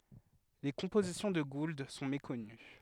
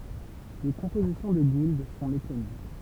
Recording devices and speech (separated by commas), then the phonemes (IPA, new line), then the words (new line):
headset microphone, temple vibration pickup, read sentence
le kɔ̃pozisjɔ̃ də ɡuld sɔ̃ mekɔny
Les compositions de Gould sont méconnues.